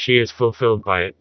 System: TTS, vocoder